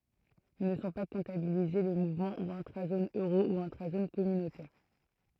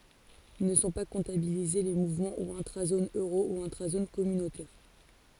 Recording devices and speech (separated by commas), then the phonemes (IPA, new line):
throat microphone, forehead accelerometer, read sentence
nə sɔ̃ pa kɔ̃tabilize le muvmɑ̃ u ɛ̃tʁazon øʁo u ɛ̃tʁazon kɔmynotɛʁ